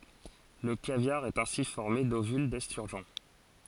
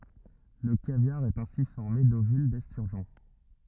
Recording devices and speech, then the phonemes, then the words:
forehead accelerometer, rigid in-ear microphone, read sentence
lə kavjaʁ ɛt ɛ̃si fɔʁme dovyl dɛstyʁʒɔ̃
Le caviar est ainsi formé d'ovules d'esturgeon.

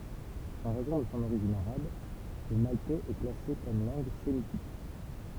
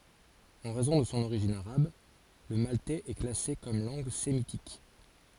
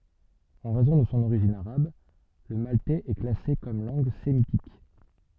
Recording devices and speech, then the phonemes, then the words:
temple vibration pickup, forehead accelerometer, soft in-ear microphone, read sentence
ɑ̃ ʁɛzɔ̃ də sɔ̃ oʁiʒin aʁab lə maltɛz ɛ klase kɔm lɑ̃ɡ semitik
En raison de son origine arabe, le maltais est classé comme langue sémitique.

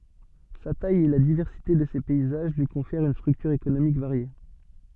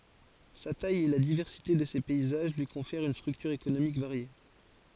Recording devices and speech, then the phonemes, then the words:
soft in-ear microphone, forehead accelerometer, read sentence
sa taj e la divɛʁsite də se pɛizaʒ lyi kɔ̃fɛʁt yn stʁyktyʁ ekonomik vaʁje
Sa taille et la diversité de ses paysages lui confèrent une structure économique variée.

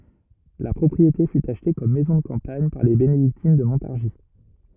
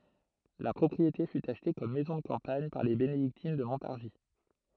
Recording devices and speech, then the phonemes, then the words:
rigid in-ear microphone, throat microphone, read sentence
la pʁɔpʁiete fy aʃte kɔm mɛzɔ̃ də kɑ̃paɲ paʁ le benediktin də mɔ̃taʁʒi
La propriété fut achetée comme maison de campagne par les bénédictines de Montargis.

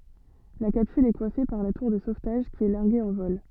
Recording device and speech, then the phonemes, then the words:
soft in-ear microphone, read sentence
la kapsyl ɛ kwafe paʁ la tuʁ də sovtaʒ ki ɛ laʁɡe ɑ̃ vɔl
La capsule est coiffée par la tour de sauvetage qui est larguée en vol.

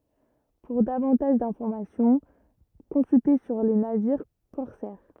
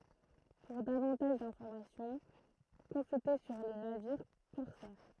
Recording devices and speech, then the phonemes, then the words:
rigid in-ear microphone, throat microphone, read sentence
puʁ davɑ̃taʒ dɛ̃fɔʁmasjɔ̃ kɔ̃sylte syʁ le naviʁ kɔʁsɛʁ
Pour davantage d'informations, consulter sur les navires corsaires.

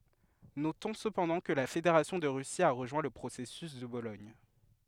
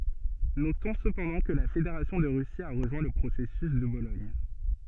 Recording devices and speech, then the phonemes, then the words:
headset microphone, soft in-ear microphone, read sentence
notɔ̃ səpɑ̃dɑ̃ kə la fedeʁasjɔ̃ də ʁysi a ʁəʒwɛ̃ lə pʁosɛsys də bolɔɲ
Notons cependant que la Fédération de Russie a rejoint le processus de Bologne.

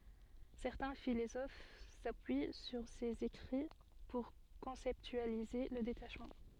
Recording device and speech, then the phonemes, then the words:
soft in-ear microphone, read sentence
sɛʁtɛ̃ filozof sapyi syʁ sez ekʁi puʁ kɔ̃sɛptyalize lə detaʃmɑ̃
Certains philosophes s'appuient sur ses écrits pour conceptualiser le détachement.

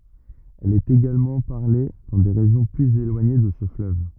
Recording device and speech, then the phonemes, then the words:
rigid in-ear microphone, read sentence
ɛl ɛt eɡalmɑ̃ paʁle dɑ̃ de ʁeʒjɔ̃ plyz elwaɲe də sə fløv
Elle est également parlée dans des régions plus éloignées de ce fleuve.

